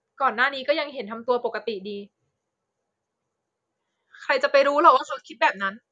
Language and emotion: Thai, frustrated